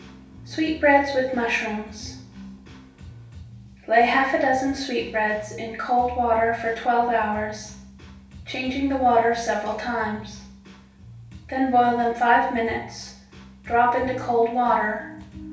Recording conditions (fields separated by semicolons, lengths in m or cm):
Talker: one person; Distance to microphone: 3.0 m; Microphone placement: far; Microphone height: 1.8 m; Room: small (3.7 m by 2.7 m); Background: music